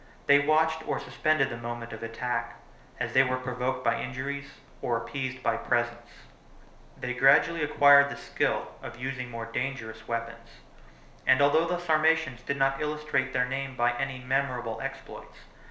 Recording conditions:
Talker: one person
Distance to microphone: 1.0 m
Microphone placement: close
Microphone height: 1.1 m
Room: small (3.7 m by 2.7 m)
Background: none

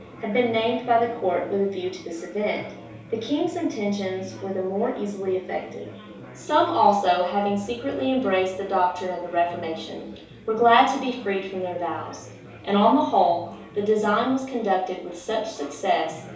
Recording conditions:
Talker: one person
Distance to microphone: 3.0 m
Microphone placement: far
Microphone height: 1.8 m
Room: small (3.7 m by 2.7 m)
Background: babble

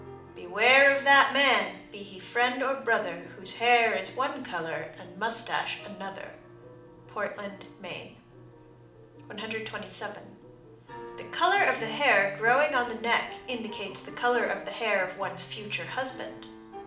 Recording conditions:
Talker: one person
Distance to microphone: 2.0 m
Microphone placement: close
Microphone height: 99 cm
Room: medium-sized (5.7 m by 4.0 m)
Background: music

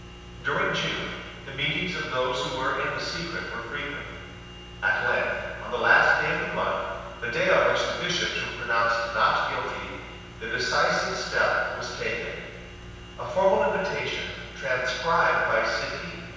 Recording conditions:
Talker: one person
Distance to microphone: 7.1 m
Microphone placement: far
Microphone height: 1.7 m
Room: very reverberant, large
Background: none

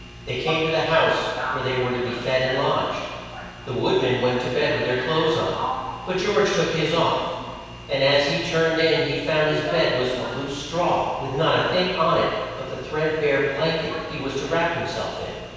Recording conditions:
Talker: one person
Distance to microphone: 7.1 m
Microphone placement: far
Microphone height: 1.7 m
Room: very reverberant, large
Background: television

